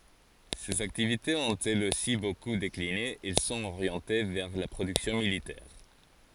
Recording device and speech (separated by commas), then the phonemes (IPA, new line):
forehead accelerometer, read sentence
sez aktivitez ɔ̃t ɛlz osi boku dekline ɛl sɔ̃t oʁjɑ̃te vɛʁ la pʁodyksjɔ̃ militɛʁ